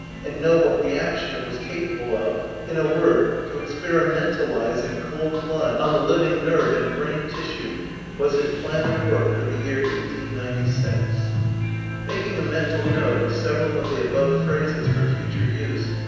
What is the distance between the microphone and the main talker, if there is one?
7.1 m.